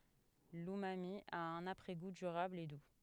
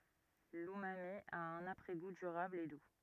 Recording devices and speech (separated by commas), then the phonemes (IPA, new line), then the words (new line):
headset microphone, rigid in-ear microphone, read sentence
lymami a œ̃n apʁɛ ɡu dyʁabl e du
L’umami a un après-goût durable et doux.